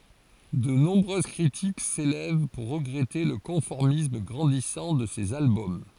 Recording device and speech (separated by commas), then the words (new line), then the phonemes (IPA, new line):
forehead accelerometer, read sentence
De nombreuses critiques s'élèvent pour regretter le conformisme grandissant de ces albums.
də nɔ̃bʁøz kʁitik selɛv puʁ ʁəɡʁɛte lə kɔ̃fɔʁmism ɡʁɑ̃disɑ̃ də sez albɔm